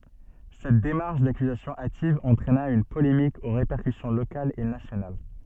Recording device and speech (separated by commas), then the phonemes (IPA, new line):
soft in-ear microphone, read sentence
sɛt demaʁʃ dakyzasjɔ̃ ativ ɑ̃tʁɛna yn polemik o ʁepɛʁkysjɔ̃ lokalz e nasjonal